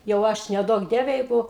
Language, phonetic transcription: Lithuanian, jau ˈaš neˈduok ˈdieve ˈjeigu

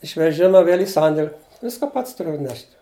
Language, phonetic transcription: Lithuanian, iš veˈžima ˈvėl' į ˈsandėl' ˈviską ˈpats tuˈriu atˈnešt'

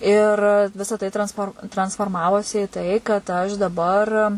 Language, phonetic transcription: Lithuanian, ir ˈvisa tai transˈfor transforˈmavosi i ˈtai kad ˈaš daˈbar

